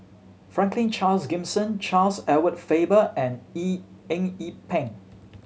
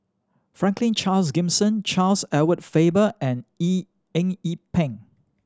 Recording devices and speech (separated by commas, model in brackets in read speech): mobile phone (Samsung C7100), standing microphone (AKG C214), read sentence